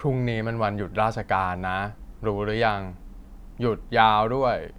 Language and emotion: Thai, frustrated